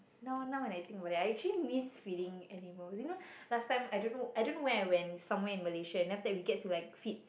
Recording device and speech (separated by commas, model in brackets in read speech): boundary microphone, conversation in the same room